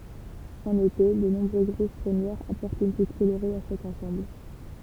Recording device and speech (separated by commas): temple vibration pickup, read sentence